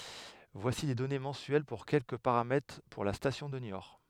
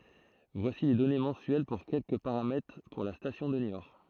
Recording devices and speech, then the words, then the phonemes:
headset microphone, throat microphone, read sentence
Voici les données mensuelles pour quelques paramètres pour la station de Niort.
vwasi le dɔne mɑ̃syɛl puʁ kɛlkə paʁamɛtʁ puʁ la stasjɔ̃ də njɔʁ

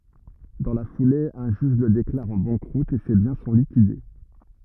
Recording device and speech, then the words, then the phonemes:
rigid in-ear microphone, read sentence
Dans la foulée, un juge le déclare en banqueroute et ses biens sont liquidés.
dɑ̃ la fule œ̃ ʒyʒ lə deklaʁ ɑ̃ bɑ̃kʁut e se bjɛ̃ sɔ̃ likide

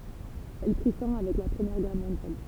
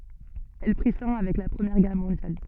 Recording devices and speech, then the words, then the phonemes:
temple vibration pickup, soft in-ear microphone, read sentence
Elle prit fin avec la Première Guerre mondiale.
ɛl pʁi fɛ̃ avɛk la pʁəmjɛʁ ɡɛʁ mɔ̃djal

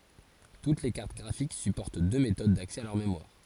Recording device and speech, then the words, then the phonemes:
forehead accelerometer, read sentence
Toutes les cartes graphiques supportent deux méthodes d’accès à leur mémoire.
tut le kaʁt ɡʁafik sypɔʁt dø metod daksɛ a lœʁ memwaʁ

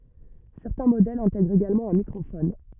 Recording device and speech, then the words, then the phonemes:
rigid in-ear microphone, read sentence
Certains modèles intègrent également un microphone.
sɛʁtɛ̃ modɛlz ɛ̃tɛɡʁt eɡalmɑ̃ œ̃ mikʁofɔn

